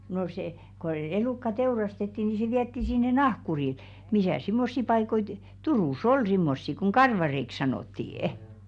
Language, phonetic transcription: Finnish, no se , ko 'elùkka 'teurastetti ni se 'viätti sinne "nahkuril , "misä̀s simmossi 'paikoi tu- , 'Turùs "ol 'simmossi koŋ "karvareik 'sanòttii₍ᵊ .
- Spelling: no se kun elukka teurastettiin niin se vietiin sinne nahkurille missäs semmoisia paikkoja - Turussa oli semmoisia kun karvareiksi sanottiin

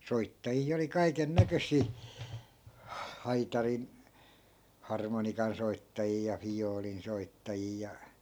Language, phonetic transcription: Finnish, 'soittaji₍a oli 'kaiken "näkös̀ii , 'haitarin- , 'harmonikansoittajii ja 'fijoolin soittajii ja , .
- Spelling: soittajia oli kaiken näköisiä - harmonikansoittajia ja viulun soittajia ja

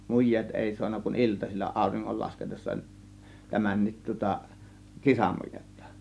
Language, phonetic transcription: Finnish, muj̆jeet 'èi suanna kun "iltasil͕l͕a 'àȯriŋŋol lasketessa , 'tämännit tŭŏta , "kisamujettA .
- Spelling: mujeet ei saanut kuin iltasilla auringon laskiessa tämänkin tuota kisamujetta

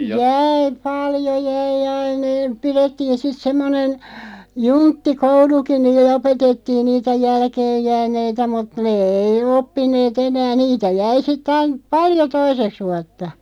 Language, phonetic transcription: Finnish, 'jääi , "paljo 'jäi "ain ‿e- , 'pirettiin̬ "sit 'semmonen , "juntti"kouluki niill(e) 'opetettiin 'niitä "jälkeejjääneitä mut "nee 'ei 'oppin̆neet "enää 'niitä 'jäi sitᵗ ‿ain , "paljo 'toiseks 'vuatta .
- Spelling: jäi paljon jäi aina - pidettiin sitten semmoinen junttikoulukin niille opetettiin niitä jälkeenjääneitä mutta ne ei oppineet enää niitä jäi sitten aina paljon toiseksi vuotta

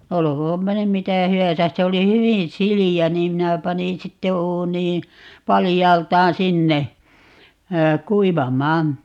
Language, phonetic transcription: Finnish, 'olokoompa nym "mitä̀ "hy₍äsäs - 'se oli "hywin 'sili₍ä niim 'minä 'panin 'sitte 'uunii , 'palijaalt̀aan "sinne , "kuivam̀aan .
- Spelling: olkoonpa nyt mitä hyvänsä se oli hyvin sileä niin minä panin sitten uuniin paljaaltaan sinne kuivamaan

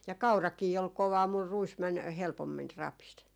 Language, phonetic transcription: Finnish, ja "kaurakii ol "kovaa mur 'ruis män 'helpommin , 'rapis .
- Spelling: ja kaurakin oli kovaa mutta ruis meni helpommin rapisi

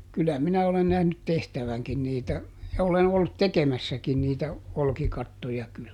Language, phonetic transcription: Finnish, ˈkylä ˈminä olen nähnyt ˈtehtäväŋkin niitä , ja ˈolen ollut "tekemässäkin niitä , ˈolkikattoja kyl .
- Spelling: kyllä minä olen nähnyt tehtävänkin niitä ja olen ollut tekemässäkin niitä olkikattoja kyllä

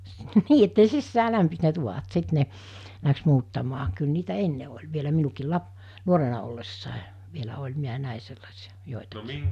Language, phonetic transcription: Finnish, 'nii että (ne) 'sissää 'lämpis ne 'tuvat 'sit ne , läks 'muuttamaa , kyl niitä "enne oĺ vielä 'minukiil 'lap- , 'nuorena ollessàe , vielä 'oĺ 'miä 'nä̀e sellasiᴀ , 'jòetakɪɪ .
- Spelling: niin että ne sisään lämpisi ne tuvat sitten ne lähti muuttamaan kyllä niitä ennen oli vielä minunkin - nuorena ollessa vielä oli minä näin sellaisia joitakin

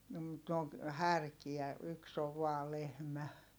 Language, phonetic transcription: Finnish, no mut ne oŋ , härkiä , yks ‿ov vaa lehmä .
- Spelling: no mutta ne on härkiä yksi on vain lehmä

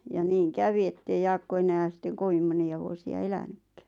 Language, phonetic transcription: Finnish, ja 'niiŋ "kävi ettei 'Jaakko enään̬ sitteŋ 'kovim moni₍a vuosi₍a 'elänykkᴀ̈ .
- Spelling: ja niin kävi että ei Jaakko enää sitten kovin monia vuosia elänytkään

